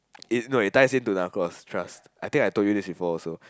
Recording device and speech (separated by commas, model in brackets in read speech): close-talking microphone, conversation in the same room